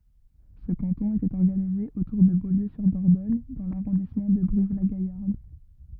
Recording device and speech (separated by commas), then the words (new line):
rigid in-ear microphone, read sentence
Ce canton était organisé autour de Beaulieu-sur-Dordogne dans l'arrondissement de Brive-la-Gaillarde.